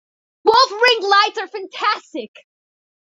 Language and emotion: English, happy